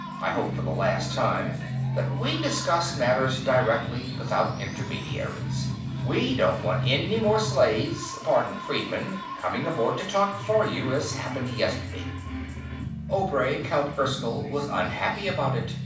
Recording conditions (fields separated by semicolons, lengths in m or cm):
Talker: one person; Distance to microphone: 5.8 m; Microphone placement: far; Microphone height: 1.8 m; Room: medium-sized (5.7 m by 4.0 m); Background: music